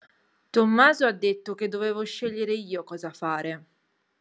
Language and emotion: Italian, angry